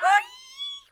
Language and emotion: Thai, happy